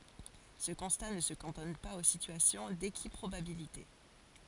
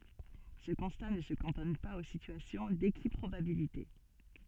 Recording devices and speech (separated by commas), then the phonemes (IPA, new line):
forehead accelerometer, soft in-ear microphone, read sentence
sə kɔ̃sta nə sə kɑ̃tɔn paz o sityasjɔ̃ dekipʁobabilite